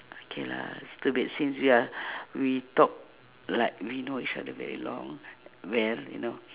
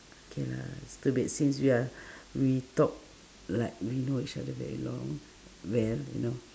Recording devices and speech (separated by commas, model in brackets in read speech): telephone, standing microphone, conversation in separate rooms